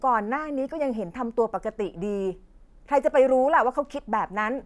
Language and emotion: Thai, frustrated